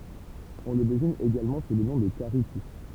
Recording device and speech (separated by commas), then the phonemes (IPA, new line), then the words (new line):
temple vibration pickup, read sentence
ɔ̃ lə deziɲ eɡalmɑ̃ su lə nɔ̃ də kaʁitif
On le désigne également sous le nom de caritif.